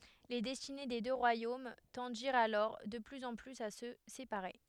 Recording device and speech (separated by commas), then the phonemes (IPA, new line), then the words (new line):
headset microphone, read sentence
le dɛstine de dø ʁwajom tɑ̃diʁt alɔʁ də plyz ɑ̃ plyz a sə sepaʁe
Les destinées des deux royaumes tendirent alors de plus en plus à se séparer.